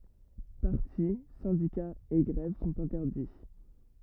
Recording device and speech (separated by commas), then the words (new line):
rigid in-ear microphone, read sentence
Partis, syndicats et grèves sont interdits.